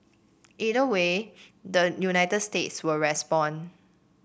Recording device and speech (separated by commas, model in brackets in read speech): boundary microphone (BM630), read sentence